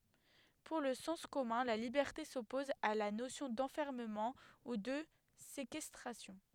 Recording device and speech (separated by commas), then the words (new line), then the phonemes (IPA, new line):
headset microphone, read sentence
Pour le sens commun, la liberté s'oppose à la notion d'enfermement ou de séquestration.
puʁ lə sɑ̃s kɔmœ̃ la libɛʁte sɔpɔz a la nosjɔ̃ dɑ̃fɛʁməmɑ̃ u də sekɛstʁasjɔ̃